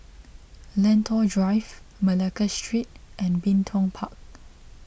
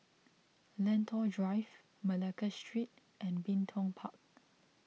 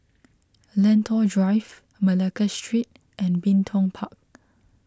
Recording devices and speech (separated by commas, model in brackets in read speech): boundary microphone (BM630), mobile phone (iPhone 6), close-talking microphone (WH20), read sentence